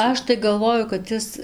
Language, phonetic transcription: Lithuanian, ˈaš tai galˈvoju kad ˈis

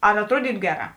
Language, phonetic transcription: Lithuanian, ar atˈruodytu ˈgeˌrā

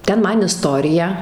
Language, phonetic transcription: Lithuanian, ˈten ˈman iˈstorija

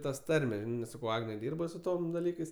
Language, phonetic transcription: Lithuanian, ˈtas ˈtarme ˈsakau ˈagne ˈdyrba su ˈtom daˈlykais

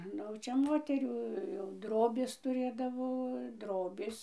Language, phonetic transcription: Lithuanian, ˈnu jau ˈčia ˈmoterių jau ˈdrobės tuˈrėdavo ˈdrobės

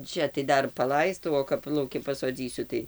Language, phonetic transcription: Lithuanian, ˈčia tai ˈdar paˈlaistau o kap lauˈki pasoˈdzysiu tai

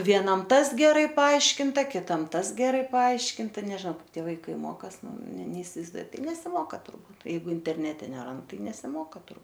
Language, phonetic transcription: Lithuanian, vieˈnam ˈtas geˈrai paˈaiškinta kiˈtam ˈtas geˈrai paˈaiškinta nežiˈnau ˈkaip ˈtie vaiˈkai ˈmokas ˈnu ne neisivaizˈduoju ˈtai nesiˈmoka turˈbūt jeiˈgu interˈnete neˈrand ˈtai nesiˈmoka tur

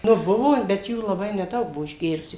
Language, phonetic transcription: Lithuanian, nu ˈbuvo bet ˈjų laˈbai neˈdaug ˈbuo išˈgėrusių

